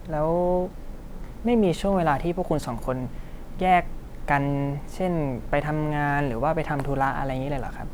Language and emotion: Thai, neutral